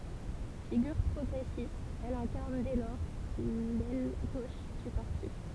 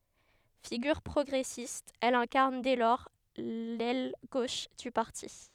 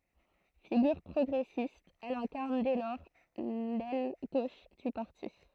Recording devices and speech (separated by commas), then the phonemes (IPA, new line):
temple vibration pickup, headset microphone, throat microphone, read sentence
fiɡyʁ pʁɔɡʁɛsist ɛl ɛ̃kaʁn dɛ lɔʁ lɛl ɡoʃ dy paʁti